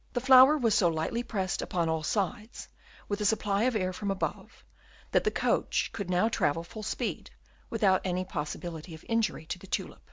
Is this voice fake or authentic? authentic